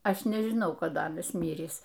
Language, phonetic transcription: Lithuanian, ˈaš nežiˈnau kaˈda ˈanas ˈmyrįs

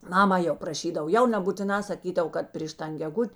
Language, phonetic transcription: Lithuanian, ˈmama jau praˈšydav ˈjau nebūtiˈnā saˈkydav ˈkad pryš ˈtan geˈgut'

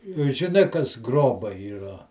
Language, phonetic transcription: Lithuanian, žiˈnai kas ˈgrobai yˈra

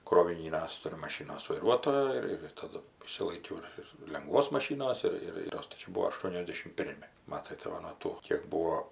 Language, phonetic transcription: Lithuanian, kroviˈnynias ˈturiu maˈšinos vaiˈruotojo ir ir taˈdu išsilaiˈkiau ir ir lenˈgvos maˈšynos ˈir ir ˈtos tai ˈčia ˈbūvo ašˈtuoniasdešim ˈpirmi ˈmatai tai ˈva nuo ˈtų kėk ˈbūo

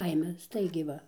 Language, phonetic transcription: Lithuanian, ˈkaime ˈstaigiai ˈva

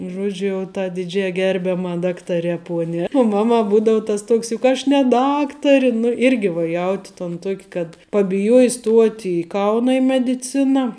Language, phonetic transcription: Lithuanian, ˈžuodžiu jau ta diˈdžiai ˈgerbiama ˈdaktare ˈpuone u ˈmaˌma ˈbūdau ˈtas ˈtuoks juk ˈaš ne ˈdaktari nu ˈirgi va ˈjauti ton ˈtuok' kad pabiˈjuoji ˈstuot' i ˈkauna i mediˈciną

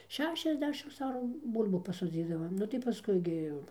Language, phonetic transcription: Lithuanian, ˈšešiasˌdešims ˈarų ˈbūl'bų pasoˈdzydavom ˈnu tai paˈskui gi jau

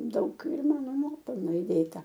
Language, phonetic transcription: Lithuanian, ˈdaug ir ˈmano ˈnuopelno įˈdėta

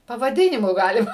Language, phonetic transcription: Lithuanian, pavaˈdinimu ˈgalima

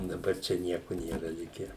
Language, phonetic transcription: Lithuanian, daˈbar ˈčia ˈnieku ˈnėra ˈlikę

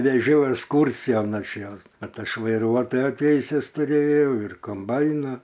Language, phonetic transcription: Lithuanian, veˈžiau esˈkūrsijon ˈaš ˈjos ˈkad ˈaš vaiˈruotojo ˈteises tuˈrėjau ir komˈbaina

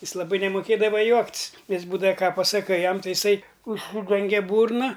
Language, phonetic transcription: Lithuanian, ˈjis laˈbai nemoˈkėdava ˈjuokt's' ˈjis ˈbūdava ˈką pasaˈkai ˈjam ˈtai jiˈsai užˈsydengia ˈbūrna

